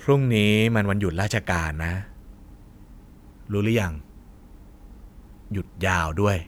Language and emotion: Thai, neutral